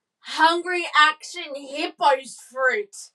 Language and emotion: English, disgusted